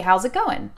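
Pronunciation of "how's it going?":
The g at the end of 'going' is dropped, so it sounds like "goin'".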